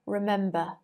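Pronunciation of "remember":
'Remember' is said in received pronunciation, and the final r is not pronounced.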